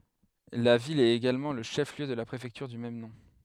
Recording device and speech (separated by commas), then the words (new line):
headset microphone, read sentence
La ville est également le chef-lieu de la préfecture du même nom.